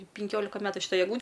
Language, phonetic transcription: Lithuanian, pinˈkiolika ˈmetu šiˈtai egˈlū

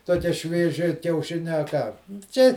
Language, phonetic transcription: Lithuanian, toˈkie švieˈži kiauˈšinia a ˈką ˈčia

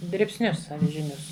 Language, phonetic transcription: Lithuanian, dribsˈnius avižiˈnius

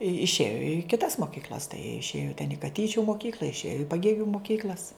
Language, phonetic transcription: Lithuanian, išˈėjo i kiˈtas moˈkykl'as tai jie išˈėjo ten i kaˈtyčiu moˈkykl'a išˈėjo i paˈgėgiu moˈkykl'as

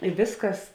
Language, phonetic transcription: Lithuanian, i ˈvėsˌkas

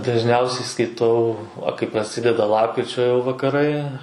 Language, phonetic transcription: Lithuanian, dažˈniausiai skaiˈtau va kai praˈsideda ˈlapkričio jau vakaˈrai

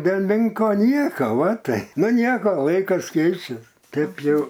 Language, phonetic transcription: Lithuanian, del' ˈmenko ˈnieko ˈva tai nu ˈnieko ˈlaikas ˈkeičias ˈtėp jau

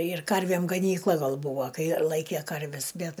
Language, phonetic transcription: Lithuanian, ir ˈkarvėm gaˈnykla ˈgal ˈbuvo ˈkai ˈlaikė ˈkarves ˈbet

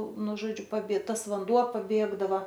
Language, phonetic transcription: Lithuanian, ˈnu ˈžodžiu paˈbie ˈtas vanˈduo paˈbėgdava

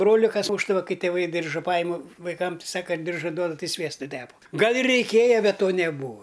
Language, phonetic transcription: Lithuanian, ˈbroli kas ˈmūšdava ˈkai tėˈvai ˈdirža ˈpajimu vaiˈkam ˈsaka ˈdirža ˈduoda ˈtai ˈsviestu ˈtepa ˈgal ir reiˈkėja bet ˈto neˈbūa

